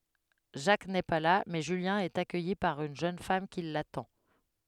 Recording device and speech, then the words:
headset microphone, read sentence
Jacques n'est pas là, mais Julien est accueilli par une jeune femme qui l'attend.

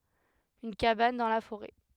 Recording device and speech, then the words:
headset microphone, read sentence
Une cabane dans la forêt.

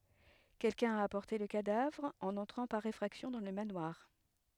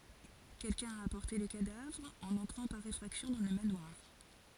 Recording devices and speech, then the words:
headset microphone, forehead accelerometer, read sentence
Quelqu'un a apporté le cadavre en entrant par effraction dans le manoir.

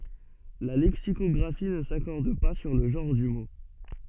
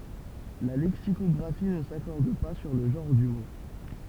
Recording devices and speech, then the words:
soft in-ear microphone, temple vibration pickup, read sentence
La lexicographie ne s’accorde pas sur le genre du mot.

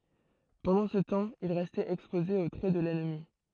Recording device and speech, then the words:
throat microphone, read sentence
Pendant ce temps, il restait exposé aux traits de l'ennemi.

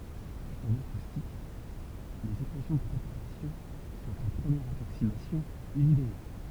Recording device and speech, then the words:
temple vibration pickup, read sentence
En acoustique, les équations de propagation sont, en première approximation, linéaires.

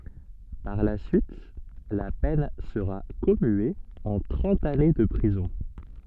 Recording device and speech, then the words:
soft in-ear microphone, read sentence
Par la suite, la peine sera commuée en trente années de prison.

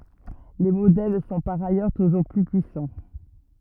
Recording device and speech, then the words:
rigid in-ear microphone, read sentence
Les modèles sont par ailleurs toujours plus puissants.

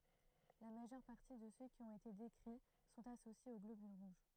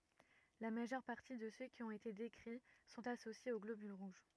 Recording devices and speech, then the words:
throat microphone, rigid in-ear microphone, read sentence
La majeure partie de ceux qui ont été décrits sont associés aux globules rouges.

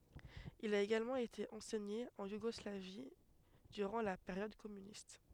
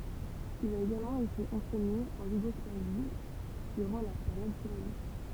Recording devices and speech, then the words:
headset microphone, temple vibration pickup, read sentence
Il a également été enseigné en Yougoslavie durant la période communiste.

